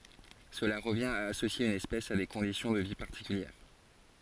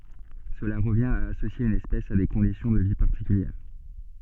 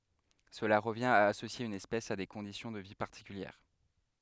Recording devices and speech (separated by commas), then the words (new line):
forehead accelerometer, soft in-ear microphone, headset microphone, read sentence
Cela revient à associer une espèce à des conditions de vie particulière.